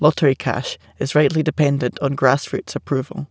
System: none